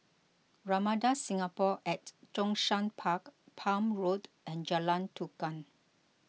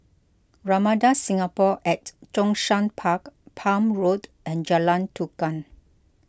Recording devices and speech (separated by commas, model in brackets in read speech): mobile phone (iPhone 6), close-talking microphone (WH20), read sentence